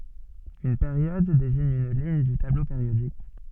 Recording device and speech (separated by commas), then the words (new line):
soft in-ear microphone, read sentence
Une période désigne une ligne du tableau périodique.